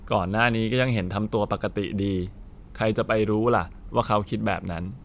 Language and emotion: Thai, neutral